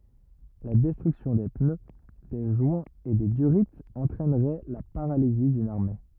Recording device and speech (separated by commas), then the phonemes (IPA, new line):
rigid in-ear microphone, read sentence
la dɛstʁyksjɔ̃ de pnø de ʒwɛ̃z e de dyʁiz ɑ̃tʁɛnʁɛ la paʁalizi dyn aʁme